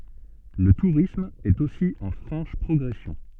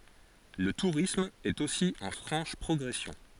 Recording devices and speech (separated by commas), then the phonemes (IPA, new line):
soft in-ear microphone, forehead accelerometer, read sentence
lə tuʁism ɛt osi ɑ̃ fʁɑ̃ʃ pʁɔɡʁɛsjɔ̃